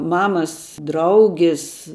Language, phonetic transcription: Lithuanian, ˈmamas ˈdraugis

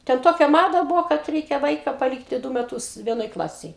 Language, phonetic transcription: Lithuanian, ten ˈtokia ˈmada ˈbuvo kad ˈreikia ˈvaika paˈlykti ˈdu meˈtus ˈvienoj ˈklasėj

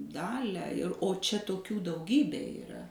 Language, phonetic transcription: Lithuanian, ˈdalią ir o ˈčia toˈkių dauˈgybė iˈra

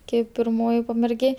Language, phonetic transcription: Lithuanian, ˈkeip pirˈmoji pamerˈgė

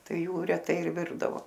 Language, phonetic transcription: Lithuanian, ˈtai ˈjų reˈtai ir ˈvirdavo

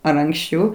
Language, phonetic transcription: Lithuanian, ar anksˈčiau

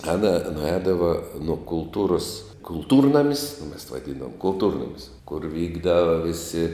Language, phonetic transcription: Lithuanian, ˈana nuˈēdava nuo kulˈtūrus kulˈtūrnamis o mes vaˈdyndavom kulˈtūrnamis kur ˈvykdava ˈvisi

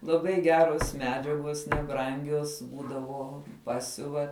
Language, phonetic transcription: Lithuanian, laˈbai ˈgeros ˈmedžiagos neˈbrangios ˈbūdavo ˈpasiuva

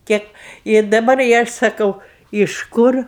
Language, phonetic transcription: Lithuanian, ˈkėp ir daˈbar i ˈaš saˈkau iš ˈkur

